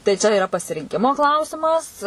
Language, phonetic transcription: Lithuanian, tai ˈčia iˈra pasirinˈkimo ˈklausimas

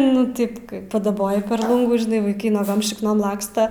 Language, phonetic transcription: Lithuanian, nu ˈtip ˈkai padaˈboji per ˈlungų žiˈnai vaiˈkai nuoˈgom šikˈnom ˈlaksta

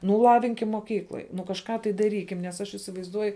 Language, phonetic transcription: Lithuanian, ˈnu ˈlavinkim moˈkykloj nu kažˈką tai daˈrykim nes ˈaš įsivaizˈduoju

